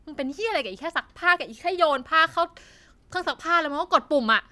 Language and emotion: Thai, angry